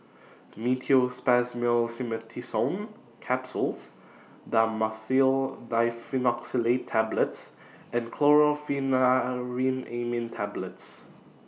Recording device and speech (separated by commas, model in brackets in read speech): mobile phone (iPhone 6), read sentence